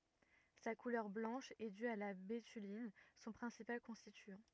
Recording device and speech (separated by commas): rigid in-ear microphone, read sentence